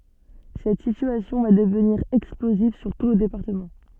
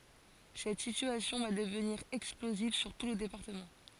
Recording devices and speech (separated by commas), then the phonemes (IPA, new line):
soft in-ear microphone, forehead accelerometer, read sentence
sɛt sityasjɔ̃ va dəvniʁ ɛksploziv syʁ tu lə depaʁtəmɑ̃